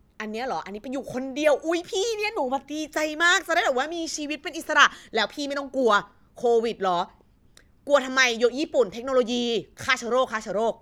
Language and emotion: Thai, happy